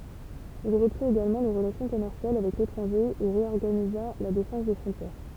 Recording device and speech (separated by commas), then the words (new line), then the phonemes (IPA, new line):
temple vibration pickup, read sentence
Il reprit également les relations commerciales avec l'étranger et réorganisa la défense des frontières.
il ʁəpʁit eɡalmɑ̃ le ʁəlasjɔ̃ kɔmɛʁsjal avɛk letʁɑ̃ʒe e ʁeɔʁɡaniza la defɑ̃s de fʁɔ̃tjɛʁ